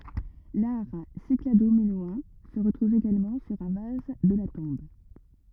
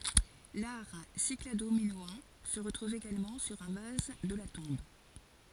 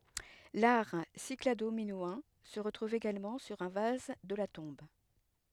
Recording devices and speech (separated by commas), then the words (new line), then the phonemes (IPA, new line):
rigid in-ear microphone, forehead accelerometer, headset microphone, read sentence
L'art cyclado-minoen se retrouve également sur un vase de la tombe.
laʁ sikladominoɑ̃ sə ʁətʁuv eɡalmɑ̃ syʁ œ̃ vaz də la tɔ̃b